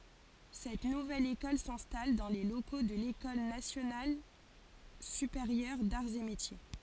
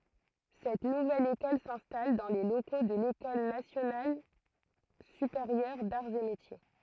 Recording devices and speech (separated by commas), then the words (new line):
forehead accelerometer, throat microphone, read sentence
Cette nouvelle école s’installe dans les locaux de l’École nationale supérieure d'arts et métiers.